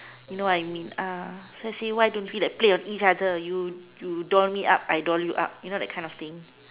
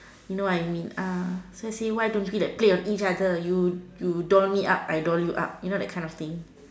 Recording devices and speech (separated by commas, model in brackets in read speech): telephone, standing microphone, conversation in separate rooms